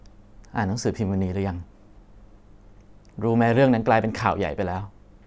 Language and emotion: Thai, sad